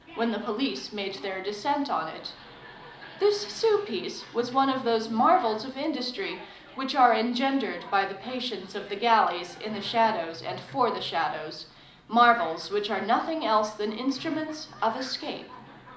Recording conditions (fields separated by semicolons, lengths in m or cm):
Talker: one person; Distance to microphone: 2.0 m; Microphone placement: close; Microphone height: 99 cm; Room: medium-sized (5.7 m by 4.0 m); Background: television